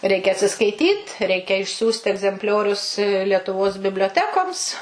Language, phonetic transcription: Lithuanian, ˈreikia atsiskaiˈtyt ˈreikia išˈsiųsti egzempˈliorius lietuˈvos biblioˈtekoms

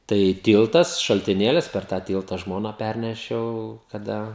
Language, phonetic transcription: Lithuanian, ˈtai ˈtyltas šaltiˈnėlis per tą ˈtylta ˈžmoną ˈpærnešiau kaˈda

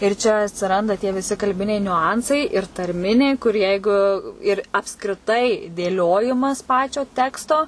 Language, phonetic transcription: Lithuanian, ir čia atsiˈranda tie viˈsi kalˈbiniai niuˈansai ir tarˈminiai kur ˈjeigu ir apskriˈtai dėˈliojimas ˈpačio ˈteksto

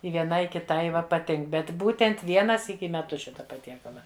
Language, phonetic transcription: Lithuanian, i vieˈnai i kiˈtai ˈva paˈtink bet ˈbūtent ˈviena ˈsyki i meˈtus ˈšita paˈtiekala

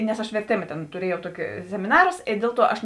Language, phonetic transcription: Lithuanian, nes aš verˈtėma tėn tuˈriejau ˈtuoki semiˈnarus i ˈdėl ˌtuo aš

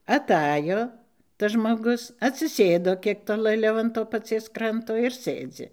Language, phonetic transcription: Lithuanian, aˈtajo tas žmoˈgus atsiˈsėdo ˈkiek tolɘˈliau an ˈto paˈcies ˈkranto ir ˈsɘdzi

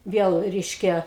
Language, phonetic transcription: Lithuanian, ˈviel ˈreiškia

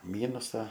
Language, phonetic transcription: Lithuanian, ˈmynusa

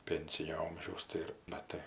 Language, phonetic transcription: Lithuanian, ˈpensinio ˈomžiaus ˈtai ir maˈtai

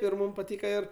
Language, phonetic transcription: Lithuanian, ir ˈmūm paˈtyka ˈir

